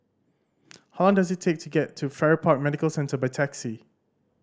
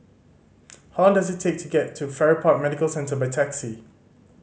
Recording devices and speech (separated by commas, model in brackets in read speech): standing microphone (AKG C214), mobile phone (Samsung C5010), read sentence